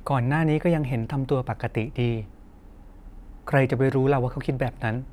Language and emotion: Thai, sad